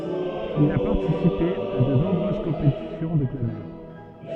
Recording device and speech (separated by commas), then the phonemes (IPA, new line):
soft in-ear microphone, read sentence
il a paʁtisipe a də nɔ̃bʁøz kɔ̃petisjɔ̃ də planœʁ